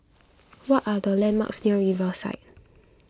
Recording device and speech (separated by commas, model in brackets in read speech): close-talking microphone (WH20), read sentence